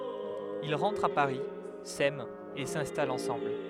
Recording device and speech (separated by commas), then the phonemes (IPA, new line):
headset microphone, read sentence
il ʁɑ̃tʁt a paʁi sɛmt e sɛ̃stalt ɑ̃sɑ̃bl